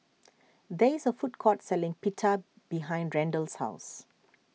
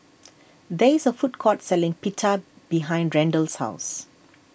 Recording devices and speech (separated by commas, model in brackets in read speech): mobile phone (iPhone 6), boundary microphone (BM630), read sentence